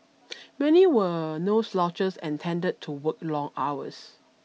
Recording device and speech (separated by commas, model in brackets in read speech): mobile phone (iPhone 6), read sentence